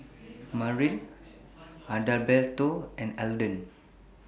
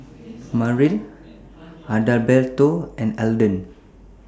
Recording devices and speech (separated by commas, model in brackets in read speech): boundary microphone (BM630), standing microphone (AKG C214), read sentence